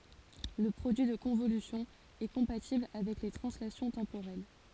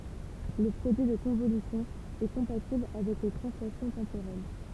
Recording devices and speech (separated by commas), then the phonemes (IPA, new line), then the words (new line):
forehead accelerometer, temple vibration pickup, read sentence
lə pʁodyi də kɔ̃volysjɔ̃ ɛ kɔ̃patibl avɛk le tʁɑ̃slasjɔ̃ tɑ̃poʁɛl
Le produit de convolution est compatible avec les translations temporelles.